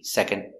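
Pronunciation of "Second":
In 'second', the d after the n is not really heard.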